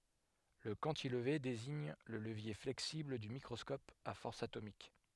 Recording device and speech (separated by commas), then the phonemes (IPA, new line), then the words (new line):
headset microphone, read sentence
lə kɑ̃tilve deziɲ lə ləvje flɛksibl dy mikʁɔskɔp a fɔʁs atomik
Le cantilever désigne le levier flexible du microscope à force atomique.